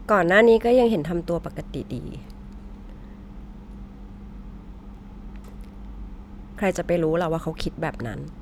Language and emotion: Thai, frustrated